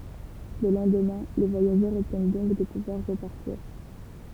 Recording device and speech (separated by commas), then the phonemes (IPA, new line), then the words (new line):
temple vibration pickup, read sentence
lə lɑ̃dmɛ̃ le vwajaʒœʁz ɔbtjɛn dɔ̃k də puvwaʁ ʁəpaʁtiʁ
Le lendemain, les voyageurs obtiennent donc de pouvoir repartir.